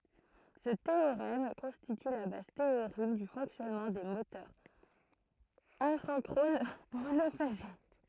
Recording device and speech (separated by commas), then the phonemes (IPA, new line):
throat microphone, read sentence
sə teoʁɛm kɔ̃stity la baz teoʁik dy fɔ̃ksjɔnmɑ̃ de motœʁz azɛ̃kʁon monofaze